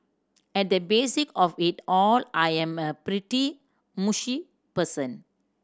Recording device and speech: standing microphone (AKG C214), read sentence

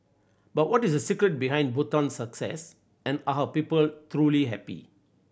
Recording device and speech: boundary microphone (BM630), read sentence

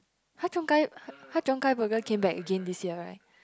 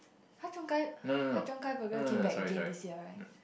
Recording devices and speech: close-talking microphone, boundary microphone, conversation in the same room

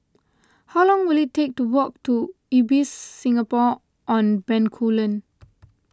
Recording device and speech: close-talking microphone (WH20), read sentence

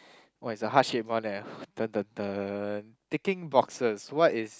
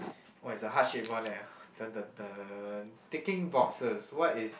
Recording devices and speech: close-talking microphone, boundary microphone, conversation in the same room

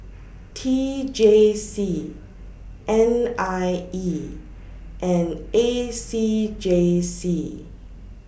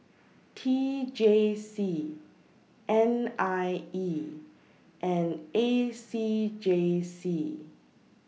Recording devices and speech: boundary microphone (BM630), mobile phone (iPhone 6), read sentence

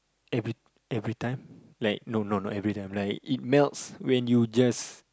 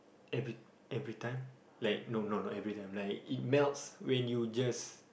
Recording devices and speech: close-talking microphone, boundary microphone, conversation in the same room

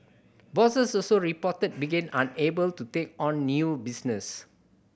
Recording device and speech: boundary microphone (BM630), read sentence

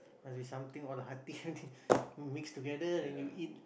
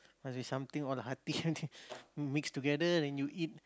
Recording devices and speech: boundary microphone, close-talking microphone, conversation in the same room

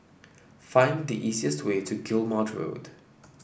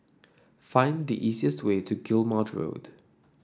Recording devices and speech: boundary microphone (BM630), standing microphone (AKG C214), read sentence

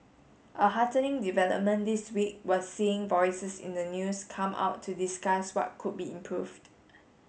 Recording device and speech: mobile phone (Samsung S8), read sentence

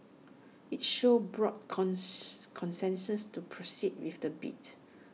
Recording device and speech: mobile phone (iPhone 6), read sentence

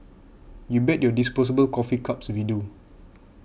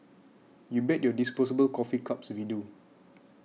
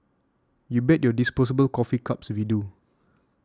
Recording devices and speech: boundary microphone (BM630), mobile phone (iPhone 6), standing microphone (AKG C214), read sentence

